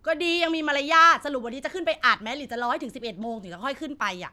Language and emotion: Thai, angry